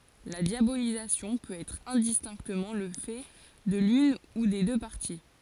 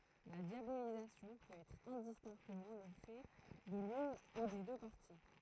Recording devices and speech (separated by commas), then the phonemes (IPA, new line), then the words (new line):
forehead accelerometer, throat microphone, read sentence
la djabolizasjɔ̃ pøt ɛtʁ ɛ̃distɛ̃ktəmɑ̃ lə fɛ də lyn u de dø paʁti
La diabolisation peut être indistinctement le fait de l’une ou des deux parties.